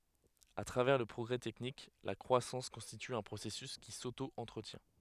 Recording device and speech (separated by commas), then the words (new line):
headset microphone, read sentence
À travers le progrès technique, la croissance constitue un processus qui s'auto-entretient.